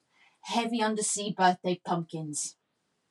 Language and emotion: English, angry